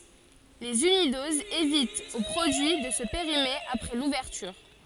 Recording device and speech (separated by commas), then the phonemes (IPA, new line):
forehead accelerometer, read sentence
lez ynidozz evitt o pʁodyi də sə peʁime apʁɛ luvɛʁtyʁ